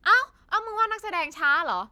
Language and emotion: Thai, angry